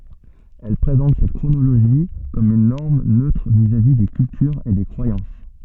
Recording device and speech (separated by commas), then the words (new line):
soft in-ear microphone, read sentence
Elles présentent cette chronologie comme une norme neutre vis-à-vis des cultures et des croyances.